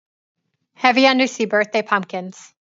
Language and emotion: English, neutral